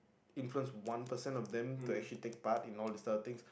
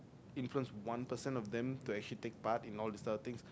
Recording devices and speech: boundary microphone, close-talking microphone, conversation in the same room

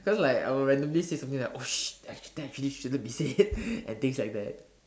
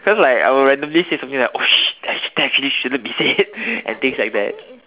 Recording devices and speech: standing microphone, telephone, conversation in separate rooms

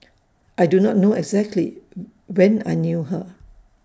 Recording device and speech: standing microphone (AKG C214), read sentence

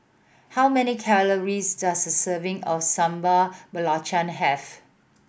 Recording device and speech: boundary microphone (BM630), read sentence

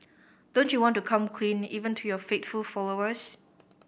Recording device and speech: boundary microphone (BM630), read sentence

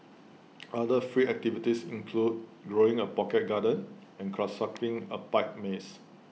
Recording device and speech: mobile phone (iPhone 6), read sentence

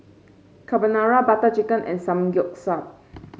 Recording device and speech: mobile phone (Samsung C5), read sentence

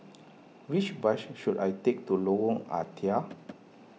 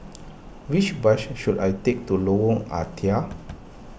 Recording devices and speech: mobile phone (iPhone 6), boundary microphone (BM630), read sentence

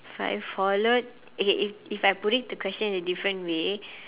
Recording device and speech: telephone, conversation in separate rooms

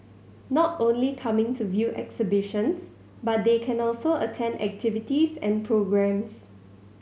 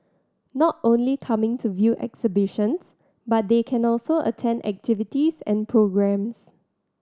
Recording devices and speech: mobile phone (Samsung C7100), standing microphone (AKG C214), read sentence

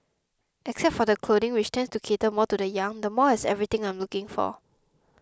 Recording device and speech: close-talking microphone (WH20), read sentence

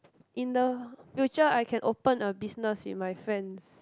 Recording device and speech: close-talking microphone, conversation in the same room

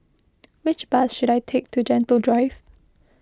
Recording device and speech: close-talking microphone (WH20), read sentence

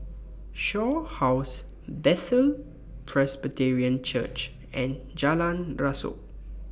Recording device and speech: boundary microphone (BM630), read sentence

